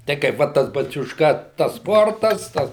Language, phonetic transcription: Lithuanian, ˈtai kaip ˈvat tas baciušˈka tas ˈsportas ˈtas

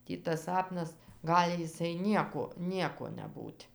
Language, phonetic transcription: Lithuanian, ˈtį tas ˈsapnas ˈgali jiˈsai ˈnieko ˈnieko neˈbūt'

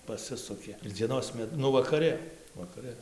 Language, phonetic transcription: Lithuanian, paˈsisukė ir dzieˈnos ˈmet ˈnu vakaˈrɨ vakaˈrɨ

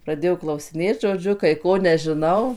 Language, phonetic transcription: Lithuanian, praˈdėjo klausiˈnėt žoˈdžiu kai ˈko nežiˈnau

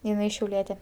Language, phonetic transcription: Lithuanian, jiˈnai šiauˈlietė

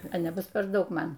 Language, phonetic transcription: Lithuanian, a neˈbus per ˈdaug ˈman

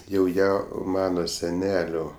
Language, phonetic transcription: Lithuanian, jau ˈją ˈmano seˈnelio

